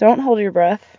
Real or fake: real